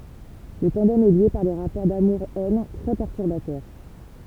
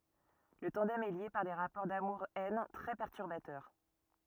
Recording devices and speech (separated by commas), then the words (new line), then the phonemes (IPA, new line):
temple vibration pickup, rigid in-ear microphone, read sentence
Le tandem est lié par des rapports d'amour-haine très perturbateurs.
lə tɑ̃dɛm ɛ lje paʁ de ʁapɔʁ damuʁ ɛn tʁɛ pɛʁtyʁbatœʁ